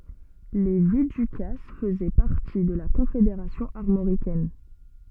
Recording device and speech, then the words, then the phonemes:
soft in-ear microphone, read sentence
Les Viducasses faisaient partie de la Confédération armoricaine.
le vidykas fəzɛ paʁti də la kɔ̃fedeʁasjɔ̃ aʁmoʁikɛn

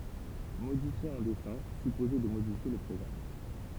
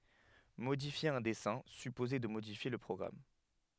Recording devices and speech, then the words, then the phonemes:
temple vibration pickup, headset microphone, read sentence
Modifier un dessin supposait de modifier le programme.
modifje œ̃ dɛsɛ̃ sypozɛ də modifje lə pʁɔɡʁam

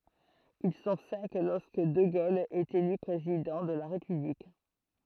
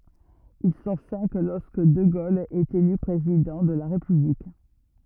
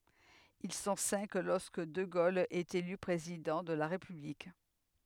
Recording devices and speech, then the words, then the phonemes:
throat microphone, rigid in-ear microphone, headset microphone, read sentence
Ils sont cinq lorsque de Gaulle est élu président de la République.
il sɔ̃ sɛ̃k lɔʁskə də ɡol ɛt ely pʁezidɑ̃ də la ʁepyblik

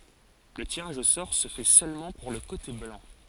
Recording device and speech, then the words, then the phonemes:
forehead accelerometer, read sentence
Le tirage au sort se fait seulement pour le côté blanc.
lə tiʁaʒ o sɔʁ sə fɛ sølmɑ̃ puʁ lə kote blɑ̃

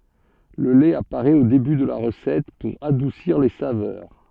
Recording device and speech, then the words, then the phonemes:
soft in-ear microphone, read sentence
Le lait apparaît au début de la recette pour adoucir les saveurs.
lə lɛt apaʁɛt o deby də la ʁəsɛt puʁ adusiʁ le savœʁ

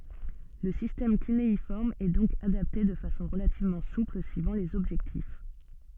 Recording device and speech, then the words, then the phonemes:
soft in-ear microphone, read sentence
Le système cunéiforme est donc adapté de façon relativement souple suivant les objectifs.
lə sistɛm kyneifɔʁm ɛ dɔ̃k adapte də fasɔ̃ ʁəlativmɑ̃ supl syivɑ̃ lez ɔbʒɛktif

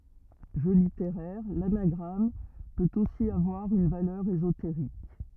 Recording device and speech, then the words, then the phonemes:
rigid in-ear microphone, read sentence
Jeu littéraire, l'anagramme peut aussi avoir une valeur ésotérique.
ʒø liteʁɛʁ lanaɡʁam pøt osi avwaʁ yn valœʁ ezoteʁik

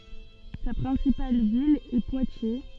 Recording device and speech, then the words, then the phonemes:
soft in-ear microphone, read sentence
Sa principale ville est Poitiers.
sa pʁɛ̃sipal vil ɛ pwatje

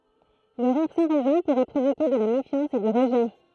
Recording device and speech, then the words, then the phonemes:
throat microphone, read sentence
Le rire sans raison pourrait provoquer de la méfiance et du rejet.
lə ʁiʁ sɑ̃ ʁɛzɔ̃ puʁɛ pʁovoke də la mefjɑ̃s e dy ʁəʒɛ

